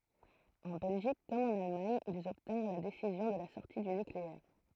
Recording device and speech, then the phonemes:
throat microphone, read sentence
ɑ̃ bɛlʒik kɔm ɑ̃n almaɲ ilz ɔbtɛ̃ʁ la desizjɔ̃ də la sɔʁti dy nykleɛʁ

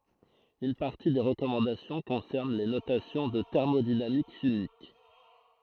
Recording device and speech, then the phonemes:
throat microphone, read sentence
yn paʁti de ʁəkɔmɑ̃dasjɔ̃ kɔ̃sɛʁn le notasjɔ̃z ɑ̃ tɛʁmodinamik ʃimik

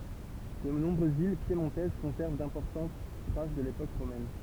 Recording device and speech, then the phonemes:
temple vibration pickup, read sentence
də nɔ̃bʁøz vil pjemɔ̃tɛz kɔ̃sɛʁv dɛ̃pɔʁtɑ̃t tʁas də lepok ʁomɛn

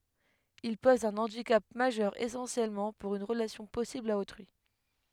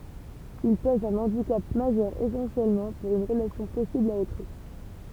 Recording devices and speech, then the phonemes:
headset microphone, temple vibration pickup, read sentence
il pɔz œ̃ ɑ̃dikap maʒœʁ esɑ̃sjɛlmɑ̃ puʁ yn ʁəlasjɔ̃ pɔsibl a otʁyi

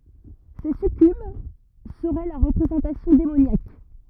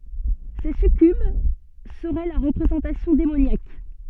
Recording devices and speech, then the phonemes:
rigid in-ear microphone, soft in-ear microphone, read sentence
se sykyb səʁɛ lœʁ ʁəpʁezɑ̃tasjɔ̃ demonjak

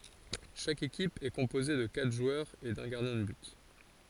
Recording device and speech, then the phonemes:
forehead accelerometer, read sentence
ʃak ekip ɛ kɔ̃poze də katʁ ʒwœʁz e dœ̃ ɡaʁdjɛ̃ də byt

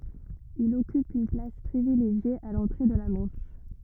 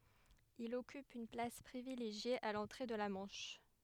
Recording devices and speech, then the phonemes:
rigid in-ear microphone, headset microphone, read sentence
il ɔkyp yn plas pʁivileʒje a lɑ̃tʁe də la mɑ̃ʃ

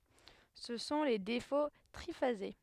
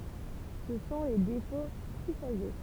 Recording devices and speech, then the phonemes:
headset microphone, temple vibration pickup, read sentence
sə sɔ̃ le defo tʁifaze

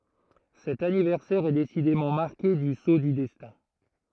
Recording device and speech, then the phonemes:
throat microphone, read sentence
sɛt anivɛʁsɛʁ ɛ desidemɑ̃ maʁke dy so dy dɛstɛ̃

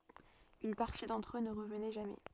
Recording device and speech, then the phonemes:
soft in-ear microphone, read sentence
yn paʁti dɑ̃tʁ ø nə ʁəvnɛ ʒamɛ

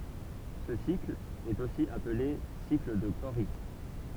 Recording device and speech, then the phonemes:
temple vibration pickup, read sentence
sə sikl ɛt osi aple sikl də koʁi

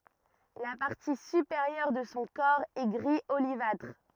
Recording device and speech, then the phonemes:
rigid in-ear microphone, read sentence
la paʁti sypeʁjœʁ də sɔ̃ kɔʁ ɛ ɡʁi olivatʁ

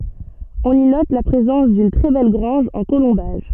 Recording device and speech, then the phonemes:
soft in-ear microphone, read sentence
ɔ̃n i nɔt la pʁezɑ̃s dyn tʁɛ bɛl ɡʁɑ̃ʒ ɑ̃ kolɔ̃baʒ

